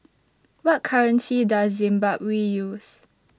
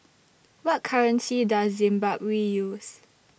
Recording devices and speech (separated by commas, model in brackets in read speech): standing microphone (AKG C214), boundary microphone (BM630), read sentence